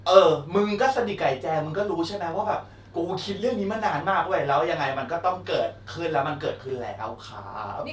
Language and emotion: Thai, frustrated